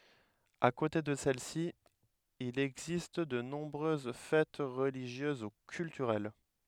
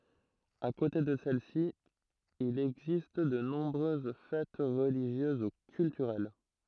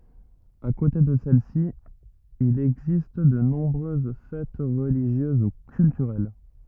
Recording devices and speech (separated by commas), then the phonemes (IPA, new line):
headset microphone, throat microphone, rigid in-ear microphone, read sentence
a kote də sɛlɛsi il ɛɡzist də nɔ̃bʁøz fɛt ʁəliʒjøz u kyltyʁɛl